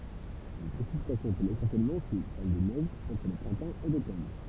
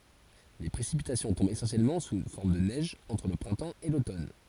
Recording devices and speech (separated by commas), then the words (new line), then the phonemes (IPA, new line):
temple vibration pickup, forehead accelerometer, read sentence
Les précipitations tombent essentiellement sous forme de neige entre le printemps et l'automne.
le pʁesipitasjɔ̃ tɔ̃bt esɑ̃sjɛlmɑ̃ su fɔʁm də nɛʒ ɑ̃tʁ lə pʁɛ̃tɑ̃ e lotɔn